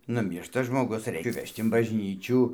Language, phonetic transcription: Lithuanian, nuˈmyršta žmoˈgus ˈreik ˈvežt in bažˈnyčių

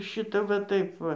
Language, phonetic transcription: Lithuanian, ˈšita va ˈtaip ˈva

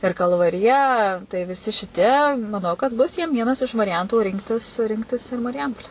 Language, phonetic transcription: Lithuanian, ir kalvariˈja tai visi šiˈtie maˈnau kad ˈbus jiem ˈvienas iš variˈjantų ˈrinktis ˈrinktis ir mariˈjampolę

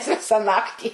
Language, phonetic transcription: Lithuanian, ˈvisa ˈnaktį

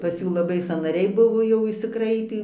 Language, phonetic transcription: Lithuanian, pas ˈjų laˈbai sąnaˈriai ˈbuvo jau išsiˈkraipį

